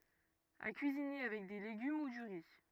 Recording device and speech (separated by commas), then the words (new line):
rigid in-ear microphone, read sentence
À cuisiner avec des légumes ou du riz.